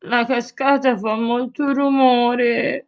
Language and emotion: Italian, sad